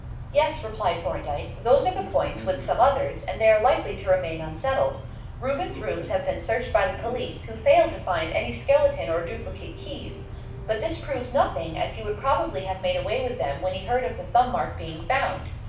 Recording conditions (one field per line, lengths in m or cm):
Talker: one person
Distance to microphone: 5.8 m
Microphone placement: far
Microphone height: 1.8 m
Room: medium-sized (5.7 m by 4.0 m)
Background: television